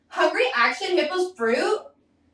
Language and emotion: English, disgusted